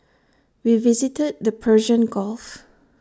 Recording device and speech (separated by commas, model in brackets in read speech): standing microphone (AKG C214), read sentence